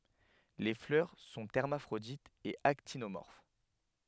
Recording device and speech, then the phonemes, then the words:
headset microphone, read sentence
le flœʁ sɔ̃ ɛʁmafʁoditz e aktinomɔʁf
Les fleurs sont hermaphrodites et actinomorphes.

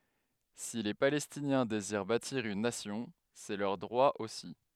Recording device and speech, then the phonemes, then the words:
headset microphone, read sentence
si le palɛstinjɛ̃ deziʁ batiʁ yn nasjɔ̃ sɛ lœʁ dʁwa osi
Si les Palestiniens désirent bâtir une nation, c'est leur droit aussi.

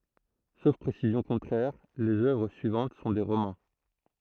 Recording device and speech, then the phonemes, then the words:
throat microphone, read sentence
sof pʁesizjɔ̃ kɔ̃tʁɛʁ lez œvʁ syivɑ̃t sɔ̃ de ʁomɑ̃
Sauf précision contraire, les œuvres suivantes sont des romans.

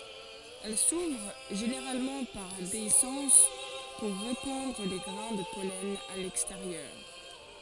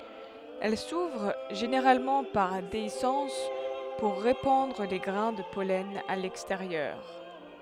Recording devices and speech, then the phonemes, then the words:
forehead accelerometer, headset microphone, read sentence
ɛl suvʁ ʒeneʁalmɑ̃ paʁ deisɑ̃s puʁ ʁepɑ̃dʁ le ɡʁɛ̃ də pɔlɛn a lɛksteʁjœʁ
Elles s'ouvrent, généralement par déhiscence, pour répandre les grains de pollen à l'extérieur.

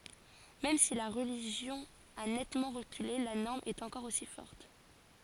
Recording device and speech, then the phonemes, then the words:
forehead accelerometer, read sentence
mɛm si la ʁəliʒjɔ̃ a nɛtmɑ̃ ʁəkyle la nɔʁm ɛt ɑ̃kɔʁ osi fɔʁt
Même si la religion a nettement reculé, la norme est encore aussi forte.

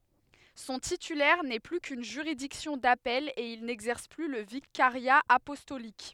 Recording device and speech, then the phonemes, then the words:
headset microphone, read sentence
sɔ̃ titylɛʁ nɛ ply kyn ʒyʁidiksjɔ̃ dapɛl e il nɛɡzɛʁs ply lə vikaʁja apɔstolik
Son titulaire n'est plus qu'une juridiction d'appel, et il n'exerce plus le vicariat apostolique.

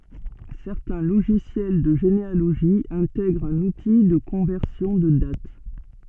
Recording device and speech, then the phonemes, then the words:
soft in-ear microphone, read sentence
sɛʁtɛ̃ loʒisjɛl də ʒenealoʒi ɛ̃tɛɡʁt œ̃n uti də kɔ̃vɛʁsjɔ̃ də dat
Certains logiciels de généalogie intègrent un outil de conversion de date.

